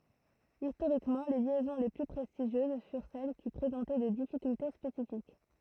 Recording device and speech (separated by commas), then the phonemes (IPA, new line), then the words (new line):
throat microphone, read sentence
istoʁikmɑ̃ le ljɛzɔ̃ le ply pʁɛstiʒjøz fyʁ sɛl ki pʁezɑ̃tɛ de difikylte spesifik
Historiquement, les liaisons les plus prestigieuses furent celles qui présentaient des difficultés spécifiques.